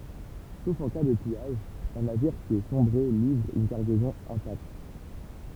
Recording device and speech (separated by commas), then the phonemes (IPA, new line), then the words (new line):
temple vibration pickup, read sentence
sof ɑ̃ ka də pijaʒ œ̃ naviʁ ki a sɔ̃bʁe livʁ yn kaʁɡɛzɔ̃ ɛ̃takt
Sauf en cas de pillage, un navire qui a sombré livre une cargaison intacte.